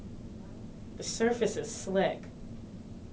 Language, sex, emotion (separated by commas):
English, female, neutral